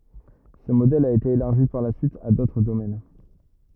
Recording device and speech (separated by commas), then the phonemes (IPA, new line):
rigid in-ear microphone, read sentence
sə modɛl a ete elaʁʒi paʁ la syit a dotʁ domɛn